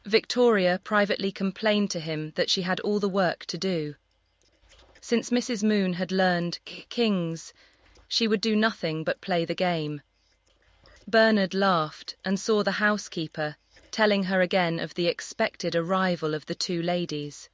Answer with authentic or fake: fake